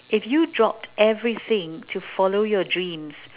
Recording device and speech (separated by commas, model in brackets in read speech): telephone, conversation in separate rooms